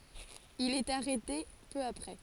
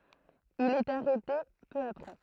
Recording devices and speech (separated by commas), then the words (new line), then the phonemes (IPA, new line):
forehead accelerometer, throat microphone, read sentence
Il est arrêté peu après.
il ɛt aʁɛte pø apʁɛ